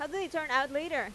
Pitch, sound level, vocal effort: 290 Hz, 93 dB SPL, loud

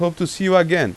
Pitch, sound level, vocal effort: 180 Hz, 91 dB SPL, loud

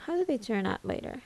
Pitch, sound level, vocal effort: 260 Hz, 75 dB SPL, soft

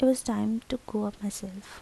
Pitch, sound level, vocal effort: 215 Hz, 74 dB SPL, soft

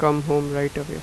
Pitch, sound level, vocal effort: 145 Hz, 86 dB SPL, normal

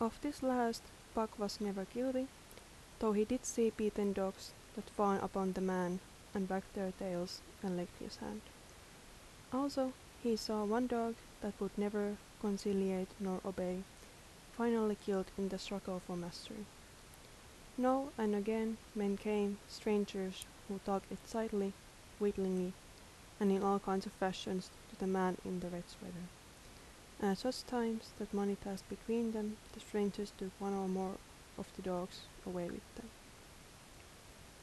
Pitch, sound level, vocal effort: 205 Hz, 76 dB SPL, soft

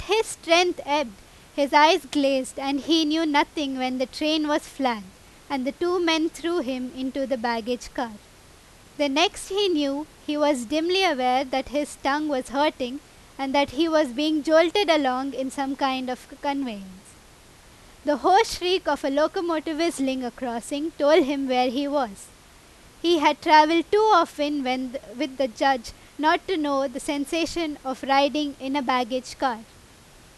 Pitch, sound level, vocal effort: 290 Hz, 93 dB SPL, very loud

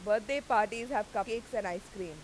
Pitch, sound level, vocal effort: 215 Hz, 95 dB SPL, very loud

